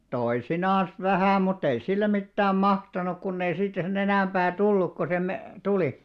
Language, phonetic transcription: Finnish, 'toisinaans 'vähä̀ mutt ‿ei 'sillem mittääm "mahtanuk kunnei siittä se'n ‿enä̀§mʙää "tulluk ko se me- , 'tulì .
- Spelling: toisinaan vähän mutta ei sille mitään mahtanut kun ei siitä sen enempää tullut kuin se - tuli

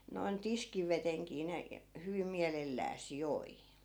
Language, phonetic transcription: Finnish, noi̮n "tiskiveteŋkii ne , hyvim̆ 'miälellääs 'joi .
- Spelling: noin tiskivedenkin ne hyvin mielellään joi

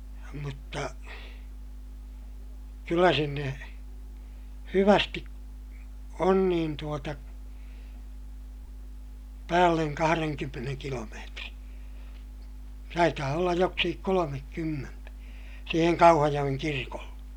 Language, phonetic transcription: Finnish, mutta , kyllä sinne , hyvästi , on niin tuota , päälleŋ kahareŋkymmeneŋ kilomeetri , taitaa ollaj joksikik kolomekkymmentä , siiheŋ Kauhajoʲeŋ kirkolle .
- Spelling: mutta kyllä sinne hyvästi on niin tuota päälle kahdenkymmenen kilometrin taitaa olla joksikin kolmekymmentä siihen Kauhajoen kirkolle

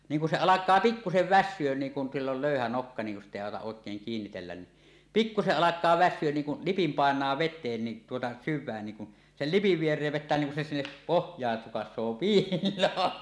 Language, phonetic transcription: Finnish, 'niiŋ kun 'se 'alak̀aa 'pikkusev "vässyön niiŋ kun sill ‿ol 'lö̀yhä 'nokka niiŋ kun 'sit̀ ‿èi àotaˀ 'ˀòek̀eeŋ 'kiinnitellän ni , "pikkuseˀ 'ˀalak̆kaa "vässyön niiŋ kun , 'lipim pàeǹaa 'vet̆teen ni , tuota , "syv̆vään niŋ kun , 'sel "lipiv 'vier̀eev vet̆tä niiŋ kun se sinnep 'pohj̀aan "sukas̆soo "piil̆loon .
- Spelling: niin kun se alkaa pikkuisen väsyä niin kun sillä on löyhä nokka niin kun sitä ei auta oikein kiinnitellä niin pikkuisen alkaa väsyä niin kun lipin painaa veteen niin tuota syvään niin kun sen lipin viereen vettä niin kun se sinne pohjaan sukaisee piiloon

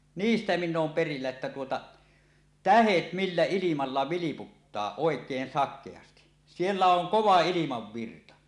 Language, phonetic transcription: Finnish, niistä 'minn ‿oom 'perillä että tuota , "tähet "millä "ilimalla 'viliputtaa òek̀een sak̆keasti , 'siellä 'oŋ "kova "ilimavvirta .
- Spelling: niistä minä olen perillä että tuota tähdet millä ilmalla vilputtaa oikein sakeasti siellä on kova ilmavirta

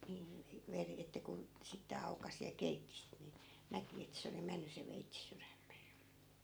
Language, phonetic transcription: Finnish, nii , 'veri , että kun̬ , 'sitte 'aukasi ja 'keitti sit ni , 'näki et se oli 'menny se 'veitsi "syrämmee .
- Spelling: niin veri että kun sitten aukaisi ja keitti sitten niin näki että se oli mennyt se veitsi sydämeen

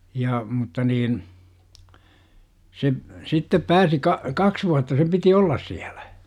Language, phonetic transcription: Finnish, ja , mutta 'niin , se , 'sittep "pääsi ka- , "kaks 'vuatta sem piti "ollas 'siäLÄ .
- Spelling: ja mutta niin se sitten pääsi - kaksi vuotta sen piti olla siellä

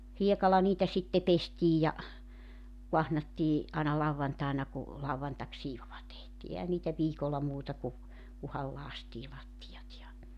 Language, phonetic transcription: Finnish, 'hiekala niitä sitte 'pestiij ja , 'kuahnattii , ’àina 'lauwvantàena ku , 'lauwvantaksiivova tehtii 'ehän niitä 'viikolla 'muuta ku , 'kuhal 'laastii lattijat ja ,.
- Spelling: hiekalla niitä sitten pestiin ja kaahnattiin aina lauantaina kun lauantaisiivoa tehtiin eihän niitä viikolla muuta kuin kunhan lakaistiin lattiat ja

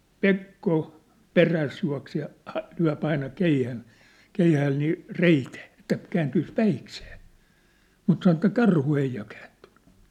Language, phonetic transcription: Finnish, Pekko , "peräs jua̭ksee ja , ha- , lyä̭p ‿aina 'keihä̳n , 'keihääl nii , 'reitee , ĕttä kääntyis 'päiksee , mut sanŏ ĕttä 'karhu 'ei ja kääntʏɴ̆ɴʏ .
- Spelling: Pekko perässä juoksee ja - lyö aina keihään keihäällä niin reiteen että kääntyisi päikseen mutta sanoi että karhu ei ja kääntynyt

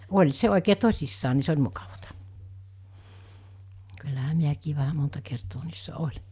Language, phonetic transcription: Finnish, oĺ 'se òikee 'tos̜issaa ni 'se oĺ 'mukavata , kyllähä 'miäkii vähä 'monta kertoo niissä "oĺɪ .
- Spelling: oli se oikein tosissaan niin se oli mukavaa kyllähän minäkin vähän monta kertaa niissä olin

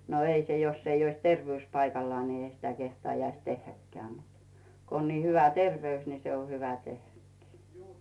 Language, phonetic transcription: Finnish, no 'ei se 'joss ‿ei ois "tervᵉỳs 'paikallᵒaa ni 'ei sitä 'kehtaajais "tehhäkkeä̀ mut , 'ko on ni hyvä "terveys ni se o 'hyvä "tehhäkkɪɪ .
- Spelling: no ei se jos ei olisi terveys paikallaan niin ei sitä kehtaisi tehdäkään mutta kun on niin hyvä terveys niin se on hyvä tehdäkin

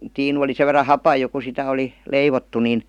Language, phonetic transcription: Finnish, 'tiinu oli sev̆ verra "hapaj jo ku 'sitä 'oli , "leivottu nin .
- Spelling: tiinu oli sen verran hapan jo kun sitä oli leivottu niin

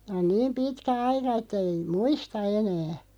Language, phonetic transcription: Finnish, on 'niim "pitkä 'aika ettᵃ̈ ei , "muista 'enää .
- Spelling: on niin pitkä aika että ei muista enää

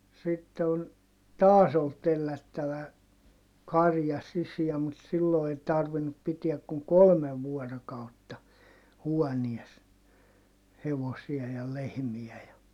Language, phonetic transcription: Finnish, sitte on , taas ‿ol tellättävä , karja sisiä mut sillo ei tarvinnup pitiäk kuŋ kolmev vuɔrokautta , huɔnies , hevosia ja lehmiä ja , .
- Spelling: sitten on taas oli tellättävä karja sisään mutta silloin ei tarvinnut pitää kuin kolme vuorokautta huoneessa hevosia ja lehmiä ja

